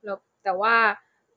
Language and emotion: Thai, neutral